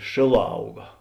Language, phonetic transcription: Lithuanian, ˈšėˌlā ˈauga

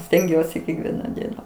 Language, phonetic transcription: Lithuanian, stenˈgiuosi kekˈviena ˈdiena

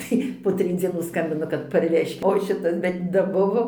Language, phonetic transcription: Lithuanian, ˈtai po ˈtrij dzieˈnų ˈskambina kad parˈvežkit o ˈšitas bet daˈbuvo

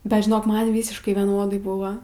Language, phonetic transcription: Lithuanian, bet žiˈnok ˈman ˈvysiškai vieˈnodai ˈbuva

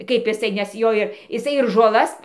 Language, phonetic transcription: Lithuanian, kaip iˈsai nes ˈjo ir iˈsai ir žoˈlas

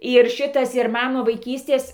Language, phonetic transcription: Lithuanian, ir ˈšitas ir ˈman ˈnu vaiˈkystės

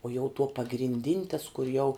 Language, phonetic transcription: Lithuanian, uo jau tuo pagrinˈdin' tas kur jau

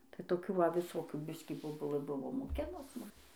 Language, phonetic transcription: Lithuanian, tai toˈkių va viˈsokių ˈbiskį boˈbulɘ ˈbuvo moˈkinus ˈmum

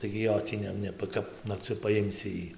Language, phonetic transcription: Lithuanian, tai gi ˈjo tį ˈne ˈne ˈkap nakˈciu paˈjimsi ˈjį

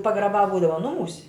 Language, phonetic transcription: Lithuanian, pagraˈbā ˈbūdava ˈnumūs'

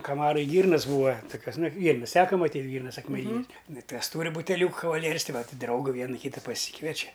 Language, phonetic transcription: Lithuanian, kaˈmaraj ˈgyrnas ˈbūa toˈkiuos ˈnai ˈgyrnas ˈteka maˈtyt' ˈgyrnas akmeˈnynes nu ˈtas ˈtūri buteˈliūka kavaˈlieris ˈtai ˈvat' ˈdrauga ˈviena ˈkyta paˈsykviečia

